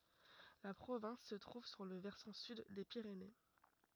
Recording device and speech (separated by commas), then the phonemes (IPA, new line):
rigid in-ear microphone, read sentence
la pʁovɛ̃s sə tʁuv syʁ lə vɛʁsɑ̃ syd de piʁene